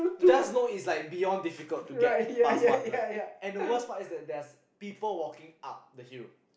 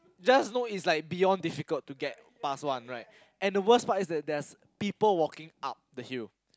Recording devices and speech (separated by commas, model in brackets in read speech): boundary microphone, close-talking microphone, conversation in the same room